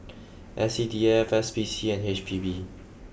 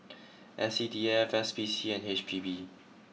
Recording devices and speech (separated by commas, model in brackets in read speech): boundary microphone (BM630), mobile phone (iPhone 6), read sentence